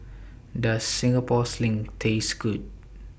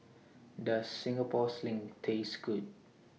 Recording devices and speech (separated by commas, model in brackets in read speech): boundary microphone (BM630), mobile phone (iPhone 6), read sentence